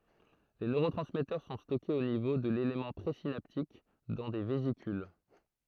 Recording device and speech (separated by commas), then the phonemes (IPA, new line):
throat microphone, read sentence
le nøʁotʁɑ̃smɛtœʁ sɔ̃ stɔkez o nivo də lelemɑ̃ pʁezinaptik dɑ̃ de vezikyl